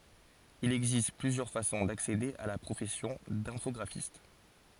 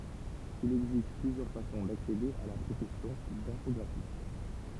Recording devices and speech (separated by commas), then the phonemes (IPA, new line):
forehead accelerometer, temple vibration pickup, read sentence
il ɛɡzist plyzjœʁ fasɔ̃ daksede a la pʁofɛsjɔ̃ dɛ̃fɔɡʁafist